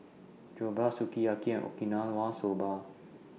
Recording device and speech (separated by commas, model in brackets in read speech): mobile phone (iPhone 6), read sentence